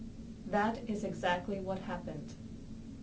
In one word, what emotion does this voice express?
neutral